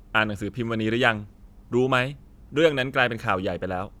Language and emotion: Thai, neutral